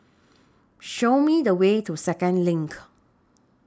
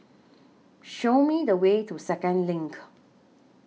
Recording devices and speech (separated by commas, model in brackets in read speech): standing microphone (AKG C214), mobile phone (iPhone 6), read sentence